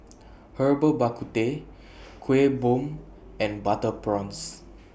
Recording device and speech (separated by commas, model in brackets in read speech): boundary microphone (BM630), read sentence